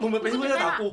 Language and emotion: Thai, happy